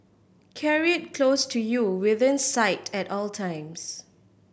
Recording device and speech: boundary microphone (BM630), read sentence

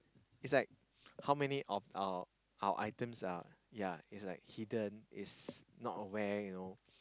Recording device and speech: close-talking microphone, conversation in the same room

